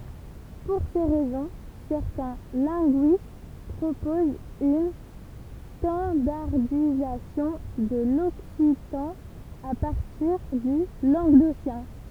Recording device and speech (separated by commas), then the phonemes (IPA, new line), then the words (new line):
temple vibration pickup, read sentence
puʁ se ʁɛzɔ̃ sɛʁtɛ̃ lɛ̃ɡyist pʁopozt yn stɑ̃daʁdizasjɔ̃ də lɔksitɑ̃ a paʁtiʁ dy lɑ̃ɡdosjɛ̃
Pour ces raisons, certains linguistes proposent une standardisation de l'occitan à partir du languedocien.